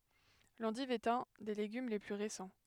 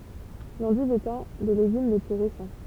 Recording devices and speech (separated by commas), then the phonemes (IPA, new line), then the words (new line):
headset microphone, temple vibration pickup, read sentence
lɑ̃div ɛt œ̃ de leɡym le ply ʁesɑ̃
L'endive est un des légumes les plus récents.